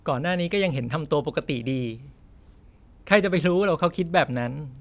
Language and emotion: Thai, happy